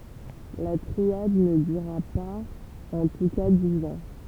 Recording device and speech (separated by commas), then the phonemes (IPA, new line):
temple vibration pickup, read sentence
la tʁiad nə dyʁa paz ɑ̃ tu ka diz ɑ̃